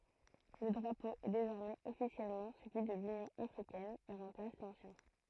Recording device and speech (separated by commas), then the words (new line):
throat microphone, read sentence
Le drapeau est désormais officiellement celui de l'Union africaine et remplace l'ancien.